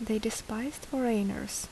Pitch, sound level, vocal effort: 225 Hz, 72 dB SPL, soft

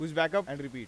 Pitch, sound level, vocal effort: 160 Hz, 96 dB SPL, loud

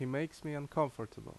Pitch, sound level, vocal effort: 145 Hz, 80 dB SPL, loud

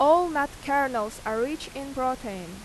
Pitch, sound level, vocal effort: 265 Hz, 90 dB SPL, very loud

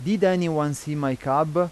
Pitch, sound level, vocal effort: 155 Hz, 90 dB SPL, loud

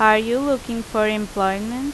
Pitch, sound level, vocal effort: 220 Hz, 87 dB SPL, very loud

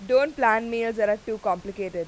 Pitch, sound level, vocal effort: 220 Hz, 95 dB SPL, very loud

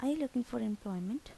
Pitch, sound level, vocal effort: 245 Hz, 78 dB SPL, soft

